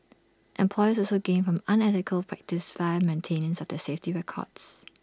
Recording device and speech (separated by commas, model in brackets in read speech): standing microphone (AKG C214), read sentence